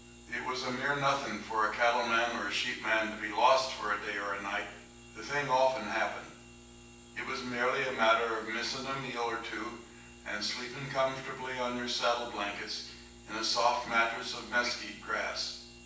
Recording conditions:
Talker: one person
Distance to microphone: 9.8 m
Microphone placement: far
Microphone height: 1.8 m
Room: large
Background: none

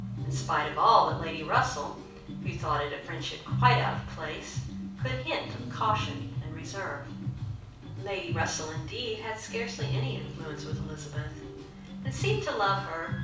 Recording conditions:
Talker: one person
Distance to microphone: 5.8 m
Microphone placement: far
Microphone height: 1.8 m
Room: medium-sized (5.7 m by 4.0 m)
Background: music

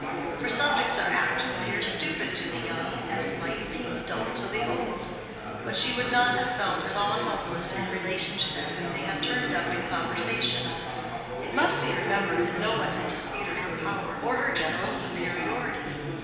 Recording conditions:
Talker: one person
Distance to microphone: 1.7 m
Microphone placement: close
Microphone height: 1.0 m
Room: very reverberant, large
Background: babble

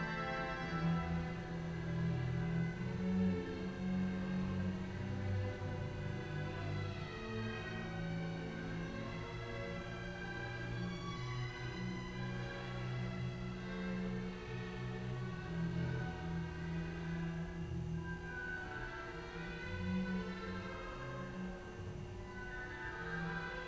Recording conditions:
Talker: no one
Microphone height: 71 cm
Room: very reverberant, large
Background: music

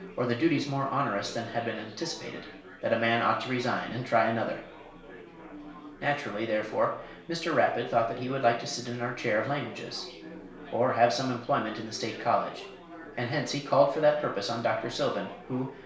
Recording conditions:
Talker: one person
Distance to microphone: 1.0 m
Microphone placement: close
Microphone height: 1.1 m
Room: small (3.7 m by 2.7 m)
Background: babble

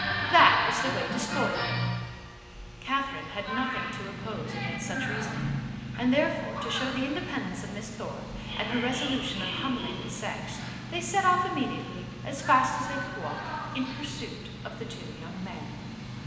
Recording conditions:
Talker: one person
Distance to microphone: 1.7 m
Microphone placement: close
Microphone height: 1.0 m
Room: very reverberant, large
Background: television

